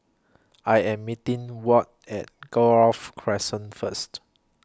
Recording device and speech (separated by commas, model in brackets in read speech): close-talking microphone (WH20), read sentence